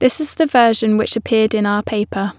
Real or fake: real